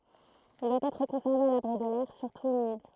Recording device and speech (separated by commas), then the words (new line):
throat microphone, read sentence
Il doit être conservé à l'abri de l'air, surtout humide.